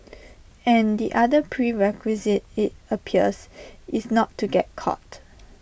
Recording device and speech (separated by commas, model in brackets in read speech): boundary microphone (BM630), read sentence